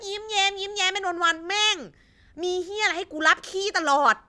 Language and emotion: Thai, angry